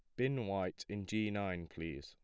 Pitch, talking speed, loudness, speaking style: 100 Hz, 195 wpm, -40 LUFS, plain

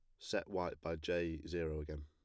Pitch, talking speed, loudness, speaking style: 80 Hz, 195 wpm, -41 LUFS, plain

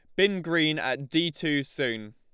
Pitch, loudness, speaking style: 155 Hz, -26 LUFS, Lombard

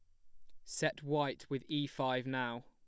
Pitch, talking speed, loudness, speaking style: 130 Hz, 180 wpm, -37 LUFS, plain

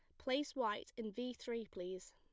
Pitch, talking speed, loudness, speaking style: 235 Hz, 185 wpm, -43 LUFS, plain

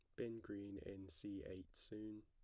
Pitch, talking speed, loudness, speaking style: 100 Hz, 175 wpm, -52 LUFS, plain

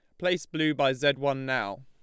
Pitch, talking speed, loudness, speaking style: 145 Hz, 220 wpm, -27 LUFS, Lombard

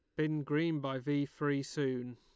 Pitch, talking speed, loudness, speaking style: 145 Hz, 185 wpm, -35 LUFS, Lombard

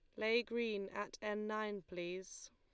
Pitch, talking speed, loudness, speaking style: 210 Hz, 155 wpm, -41 LUFS, Lombard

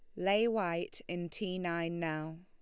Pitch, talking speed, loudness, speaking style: 175 Hz, 160 wpm, -35 LUFS, Lombard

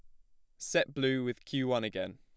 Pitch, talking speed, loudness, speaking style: 125 Hz, 230 wpm, -33 LUFS, plain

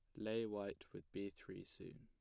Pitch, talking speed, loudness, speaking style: 105 Hz, 200 wpm, -48 LUFS, plain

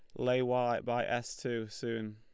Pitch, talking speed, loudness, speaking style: 120 Hz, 185 wpm, -34 LUFS, Lombard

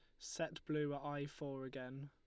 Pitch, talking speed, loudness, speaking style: 145 Hz, 195 wpm, -45 LUFS, Lombard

